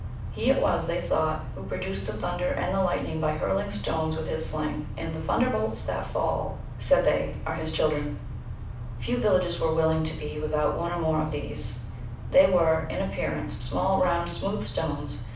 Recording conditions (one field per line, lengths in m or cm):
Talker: one person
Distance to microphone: 5.8 m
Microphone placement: far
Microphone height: 1.8 m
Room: medium-sized (5.7 m by 4.0 m)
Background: none